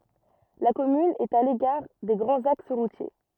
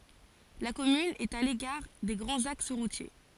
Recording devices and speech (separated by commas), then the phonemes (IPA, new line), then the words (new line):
rigid in-ear microphone, forehead accelerometer, read sentence
la kɔmyn ɛt a lekaʁ de ɡʁɑ̃z aks ʁutje
La commune est à l'écart des grands axes routiers.